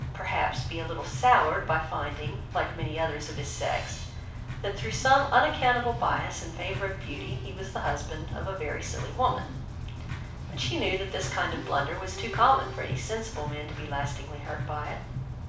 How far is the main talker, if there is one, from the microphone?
5.8 m.